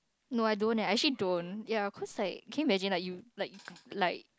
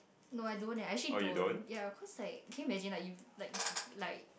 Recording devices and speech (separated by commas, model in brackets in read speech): close-talking microphone, boundary microphone, conversation in the same room